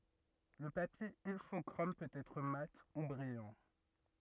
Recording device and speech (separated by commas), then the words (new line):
rigid in-ear microphone, read sentence
Le papier Ilfochrome peut être mat ou brillant.